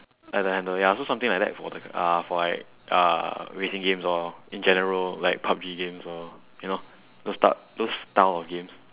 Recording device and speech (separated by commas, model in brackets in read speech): telephone, conversation in separate rooms